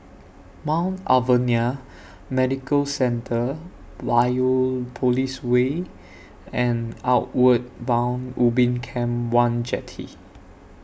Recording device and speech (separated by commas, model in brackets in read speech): boundary microphone (BM630), read sentence